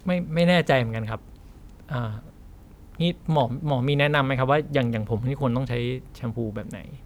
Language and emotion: Thai, frustrated